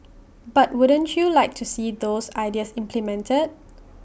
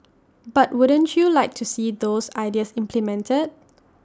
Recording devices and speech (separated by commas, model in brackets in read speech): boundary microphone (BM630), standing microphone (AKG C214), read sentence